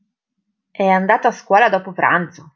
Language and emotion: Italian, surprised